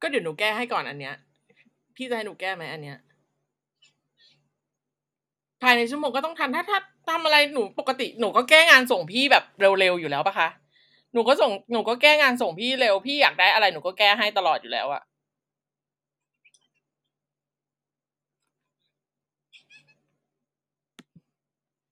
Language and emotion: Thai, frustrated